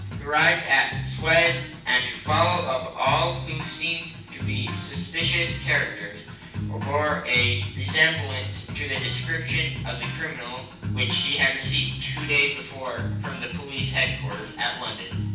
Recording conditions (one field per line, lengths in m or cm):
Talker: one person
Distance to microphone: 9.8 m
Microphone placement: far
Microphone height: 1.8 m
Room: large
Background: music